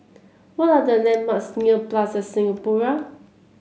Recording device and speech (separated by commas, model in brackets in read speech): mobile phone (Samsung C7), read sentence